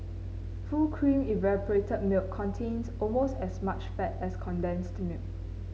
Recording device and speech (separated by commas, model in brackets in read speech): mobile phone (Samsung C9), read sentence